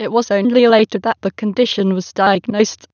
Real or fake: fake